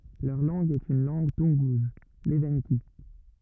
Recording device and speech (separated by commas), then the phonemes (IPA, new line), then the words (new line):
rigid in-ear microphone, read sentence
lœʁ lɑ̃ɡ ɛt yn lɑ̃ɡ tunɡuz levɑ̃ki
Leur langue est une langue toungouse, l'evenki.